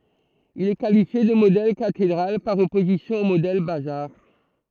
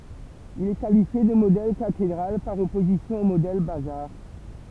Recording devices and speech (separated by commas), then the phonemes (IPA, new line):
throat microphone, temple vibration pickup, read sentence
il ɛ kalifje də modɛl katedʁal paʁ ɔpozisjɔ̃ o modɛl bazaʁ